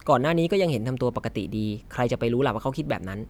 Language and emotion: Thai, neutral